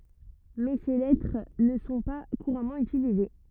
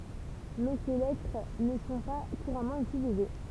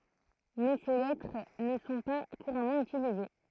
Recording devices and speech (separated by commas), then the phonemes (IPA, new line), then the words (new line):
rigid in-ear microphone, temple vibration pickup, throat microphone, read sentence
mɛ se lɛtʁ nə sɔ̃ pa kuʁamɑ̃ ytilize
Mais ces lettres ne sont pas couramment utilisés.